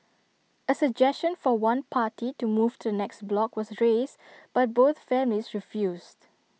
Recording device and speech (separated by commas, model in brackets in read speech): mobile phone (iPhone 6), read sentence